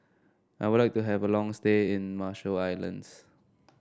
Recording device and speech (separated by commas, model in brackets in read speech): standing microphone (AKG C214), read sentence